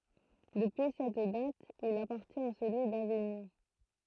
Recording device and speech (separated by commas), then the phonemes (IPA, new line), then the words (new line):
throat microphone, read sentence
dəpyi sɛt dat il apaʁtjɛ̃t a səlyi daviɲɔ̃
Depuis cette date, il appartient à celui d'Avignon.